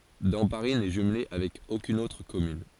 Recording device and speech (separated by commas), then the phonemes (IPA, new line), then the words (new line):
forehead accelerometer, read sentence
dɑ̃paʁi nɛ ʒymle avɛk okyn otʁ kɔmyn
Damparis n'est jumelée avec aucune autre commune.